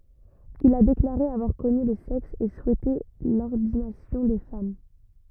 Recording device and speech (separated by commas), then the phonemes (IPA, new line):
rigid in-ear microphone, read sentence
il a deklaʁe avwaʁ kɔny lə sɛks e suɛte lɔʁdinasjɔ̃ de fam